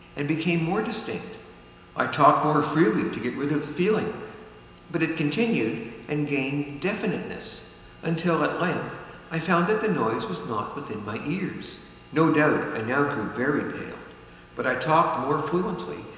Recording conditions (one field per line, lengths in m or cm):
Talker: one person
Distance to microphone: 1.7 m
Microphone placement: close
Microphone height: 1.0 m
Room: very reverberant, large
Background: none